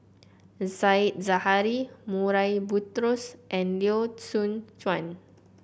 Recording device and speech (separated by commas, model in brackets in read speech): boundary microphone (BM630), read sentence